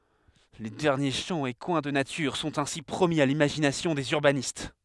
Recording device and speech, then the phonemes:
headset microphone, read sentence
le dɛʁnje ʃɑ̃ e kwɛ̃ də natyʁ sɔ̃t ɛ̃si pʁomi a limaʒinasjɔ̃ dez yʁbanist

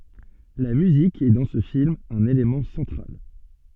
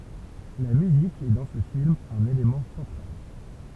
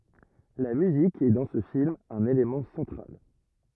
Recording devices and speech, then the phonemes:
soft in-ear microphone, temple vibration pickup, rigid in-ear microphone, read sentence
la myzik ɛ dɑ̃ sə film œ̃n elemɑ̃ sɑ̃tʁal

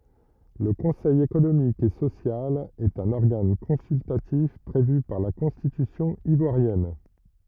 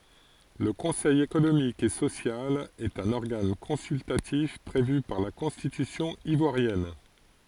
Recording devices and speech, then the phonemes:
rigid in-ear microphone, forehead accelerometer, read sentence
lə kɔ̃sɛj ekonomik e sosjal ɛt œ̃n ɔʁɡan kɔ̃syltatif pʁevy paʁ la kɔ̃stitysjɔ̃ ivwaʁjɛn

